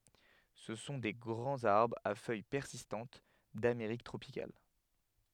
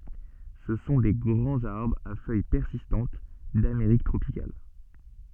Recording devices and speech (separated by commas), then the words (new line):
headset microphone, soft in-ear microphone, read sentence
Ce sont des grands arbres à feuilles persistantes d'Amérique tropicale.